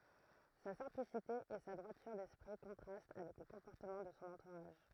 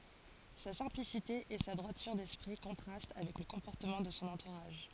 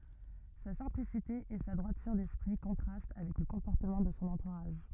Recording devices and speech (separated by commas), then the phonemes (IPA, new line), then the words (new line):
throat microphone, forehead accelerometer, rigid in-ear microphone, read sentence
sa sɛ̃plisite e sa dʁwatyʁ dɛspʁi kɔ̃tʁast avɛk lə kɔ̃pɔʁtəmɑ̃ də sɔ̃ ɑ̃tuʁaʒ
Sa simplicité et sa droiture d'esprit contrastent avec le comportement de son entourage.